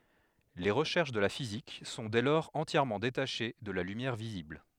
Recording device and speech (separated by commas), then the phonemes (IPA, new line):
headset microphone, read sentence
le ʁəʃɛʁʃ də la fizik sɔ̃ dɛ lɔʁz ɑ̃tjɛʁmɑ̃ detaʃe də la lymjɛʁ vizibl